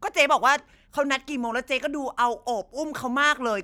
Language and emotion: Thai, angry